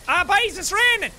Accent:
Exaggerated Irish accent